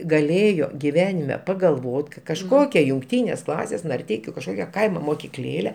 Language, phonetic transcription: Lithuanian, gaˈlėjo giˈvenime pagalˈvot ka kažˈkokia jungˈtynės ˈklasės narˈteikiu kažˈkokia ˈkaimo mokiˈklėle

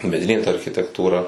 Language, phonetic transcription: Lithuanian, meˈdinė ta architektūˈra

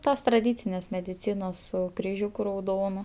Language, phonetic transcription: Lithuanian, ˈtos traˈdycinės mediˈcynos su kriˈžiūku rauˈdonu

